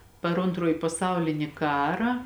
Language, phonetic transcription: Lithuanian, par ˈontroji paˈsaulini ˈkarą

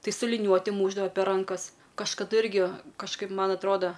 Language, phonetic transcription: Lithuanian, ˈtai su liˈniuoti ˈmūšdava per ˈrankas kažkaˈdu ˈirgi kažˈkaip ˈman atˈroda

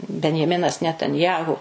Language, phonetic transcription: Lithuanian, benjeˈminas netanˈjahu

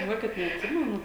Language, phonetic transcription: Lithuanian, žiˈnuokit neatˈsimenu

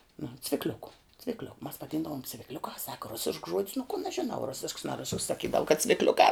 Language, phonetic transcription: Lithuanian, nu cvikˈliuku cvikˈliok mas vaˈdyndavom cvikˈliukā saka ˈrusišks žuod's nu kun aš žiˈnau ˈrusišks na ˈrusišks saˈkydavu kad cvikˈliukā

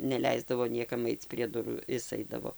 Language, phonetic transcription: Lithuanian, neˈleisdavo ˈniekam ˈaic prie ˈdurų ˈis ˈaidavo

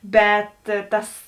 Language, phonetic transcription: Lithuanian, ˈbet ˈtas

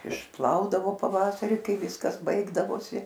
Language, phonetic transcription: Lithuanian, išˈplaudavo paˈvasari ˈkai ˈviskas ˈbaigdavosi

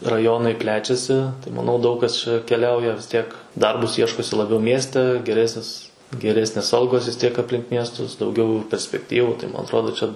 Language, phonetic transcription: Lithuanian, raˈjonai ˈplečiasi tai maˈnau ˈdaug kas ˈčia keˈliauja tiek ˈdarbus ˈieškosi laˈbiau ˈmieste geˈresnis geˈresnės ˈalgos vis ˈtiek apˈlink ˈmiestus dauˈgiau perspekˈtyvu tai ˈman atˈrodo ˈčia

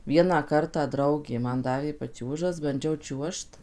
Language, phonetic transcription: Lithuanian, ˈvieną ˈkartą ˈdraugė ˈman ˈdavė paˈčiūžas banˈdžiau ˈčiuožt

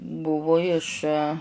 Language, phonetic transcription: Lithuanian, ˈbuvu iš

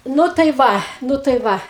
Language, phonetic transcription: Lithuanian, ˈnu tai ˈva ˈnu tai ˈva

